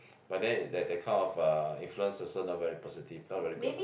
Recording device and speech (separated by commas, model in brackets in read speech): boundary microphone, conversation in the same room